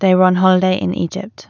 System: none